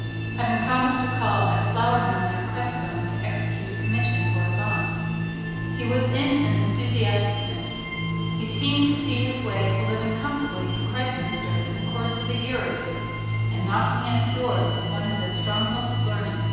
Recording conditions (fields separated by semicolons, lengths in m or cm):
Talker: one person; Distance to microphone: 7.1 m; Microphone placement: far; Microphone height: 1.7 m; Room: very reverberant, large; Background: music